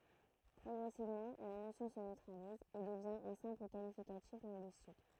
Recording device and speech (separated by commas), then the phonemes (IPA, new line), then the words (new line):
throat microphone, read sentence
pʁɔɡʁɛsivmɑ̃ la nosjɔ̃ sə nøtʁaliz e dəvjɛ̃ œ̃ sɛ̃pl kalifikatif lɛ̃ɡyistik
Progressivement, la notion se neutralise et devient un simple qualificatif linguistique.